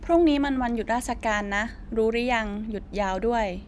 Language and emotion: Thai, neutral